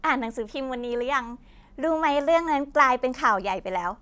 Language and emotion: Thai, happy